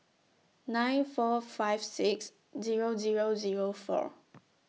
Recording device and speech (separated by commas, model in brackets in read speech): mobile phone (iPhone 6), read sentence